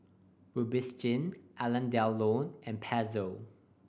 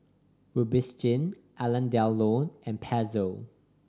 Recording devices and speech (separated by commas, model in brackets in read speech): boundary microphone (BM630), standing microphone (AKG C214), read sentence